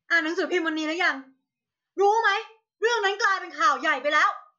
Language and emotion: Thai, angry